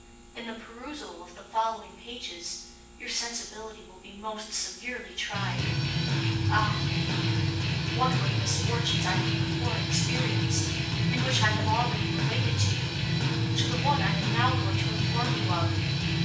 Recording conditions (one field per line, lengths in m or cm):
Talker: one person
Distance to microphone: 9.8 m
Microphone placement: far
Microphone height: 1.8 m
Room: large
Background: music